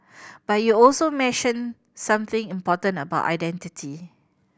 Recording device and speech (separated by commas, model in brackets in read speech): boundary microphone (BM630), read sentence